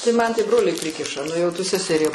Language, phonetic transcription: Lithuanian, tai man tai ˈbroliai ˈprikiša ˈnu jau ˈtu seseˈrie

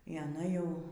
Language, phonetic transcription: Lithuanian, y aˈna ˈjau

